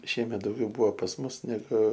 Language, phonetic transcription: Lithuanian, ˈšiemet dauˈgiau ˈbuvo pas ˈmus neˈgu

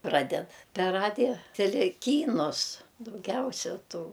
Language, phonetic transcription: Lithuanian, ˈpraded per ˈradija teˈle ˈkynus dauˈgiausia ˈtų

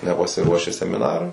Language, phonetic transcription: Lithuanian, nepasiˈruoši semiˈnarui

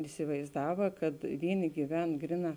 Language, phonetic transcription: Lithuanian, isivaizˈdava kad ˈvyˌni gyˈven ˈgriˌnā

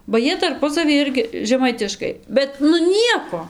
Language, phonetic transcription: Lithuanian, ba ˈjie tarˈpusavy ˈirgi žeˈmaitiškai ˈbet nu ˈnieko

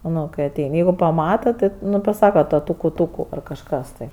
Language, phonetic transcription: Lithuanian, ˈnu kai aˈtein' ˈjeigu paˈmata ˈti ˈnu ˈpasaka ˈto ˈtuku ˈtuku ar kažˈkas tai

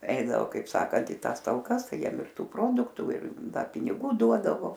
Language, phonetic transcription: Lithuanian, ˈeidavo kaip ˈsakant i ˈtąs talˈkas ˈtai ˈjiem ir ˈtų ˈproduktu ir ˈda piniˈgų ˈduodavo

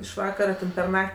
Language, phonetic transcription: Lithuanian, iš ˈvakara ten per ˈnak't'

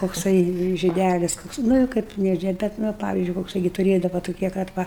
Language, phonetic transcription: Lithuanian, kokˈsai žiˈdælis ˈkoks ˈnu i ˈkaip ne ˈžie ˈbet ˈnu a ˈpavizdžiui kokˈsai gi tuˈrėdava tuˈkie kad ˈva

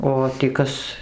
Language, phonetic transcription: Lithuanian, ˌo tį ˈkas

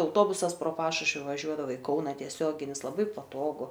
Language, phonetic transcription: Lithuanian, auˈtobusas pro ˈpašušvi vaˈžiuodava i ˈkauna tieˈsioginis laˈbai paˈtogu

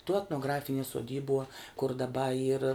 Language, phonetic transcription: Lithuanian, tuo etnoˈgrafinie suoˈdybuo kur daˈba yr

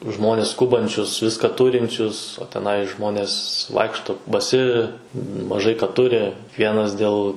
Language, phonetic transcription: Lithuanian, ˈžmones ˈskubančius ˈviską ˈturinčius o teˈnai ˈžmonės ˈvaikšto baˈsi maˈžai ka ˈturi ˈkvienas dėl

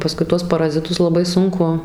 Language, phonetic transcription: Lithuanian, paˈskui ˈtuos paraziˈtus laˈbai ˈsunku

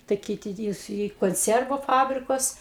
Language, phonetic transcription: Lithuanian, tai ˈkyti į į konˈciervu ˈfabrikus

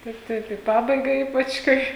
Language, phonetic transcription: Lithuanian, ˈtaip ˈtaip į ˈpabaiga ˈypač ˈkai

